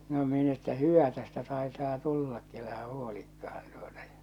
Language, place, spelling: Finnish, Salla, no minä että hyvä tästä taitaa tullakin älä huolikaan tuota ja
- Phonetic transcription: no min ‿että 'hyvä tästä taḙtaa 'tullakki elähä 'huolikkahan tᴜᴏtᴀ ᴊᴀ .

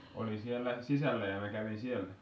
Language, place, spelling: Finnish, Kitee, oli siellä sisällä ja minä kävin siellä
- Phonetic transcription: Oli siellä , sisällä ja mä kävin sielä .

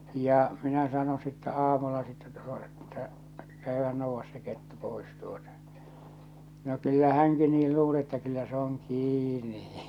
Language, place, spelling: Finnish, Salla, ja minä sanoin sitten aamulla sitten - että käyhän nouda se kettu pois tuota no kyllä hänkin niin luuli että kyllä se on kiinni
- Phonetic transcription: ja , minä sano sittä 'aamulla sittä tᴜᴏ- Että , » 'käyhän nouvvas se 'kettu 'pois « tuota , no 'kyllä 'häŋki 'niil luule ‿ttä kyllä se ‿oŋ 'kîni .

